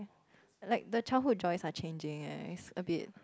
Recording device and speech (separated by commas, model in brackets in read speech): close-talking microphone, conversation in the same room